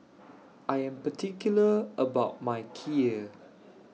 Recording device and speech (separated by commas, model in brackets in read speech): mobile phone (iPhone 6), read sentence